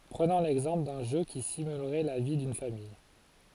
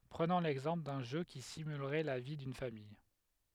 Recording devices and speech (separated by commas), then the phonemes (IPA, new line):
forehead accelerometer, headset microphone, read sentence
pʁənɔ̃ lɛɡzɑ̃pl dœ̃ ʒø ki simylʁɛ la vi dyn famij